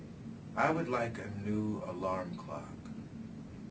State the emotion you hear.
neutral